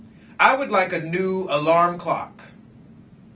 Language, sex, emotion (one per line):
English
male
angry